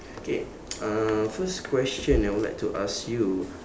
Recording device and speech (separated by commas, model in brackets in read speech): standing microphone, conversation in separate rooms